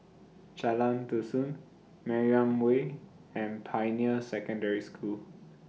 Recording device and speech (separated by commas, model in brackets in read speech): mobile phone (iPhone 6), read sentence